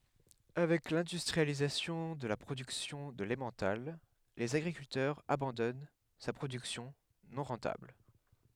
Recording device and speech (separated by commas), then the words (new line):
headset microphone, read sentence
Avec l'industrialisation de la production de l'emmental, les agriculteurs abandonnent sa production non rentable.